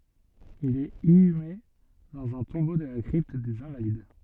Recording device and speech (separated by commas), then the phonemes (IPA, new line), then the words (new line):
soft in-ear microphone, read sentence
il ɛt inyme dɑ̃z œ̃ tɔ̃bo də la kʁipt dez ɛ̃valid
Il est inhumé dans un tombeau de la Crypte des Invalides.